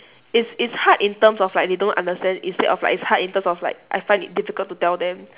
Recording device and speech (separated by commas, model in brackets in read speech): telephone, conversation in separate rooms